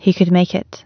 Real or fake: real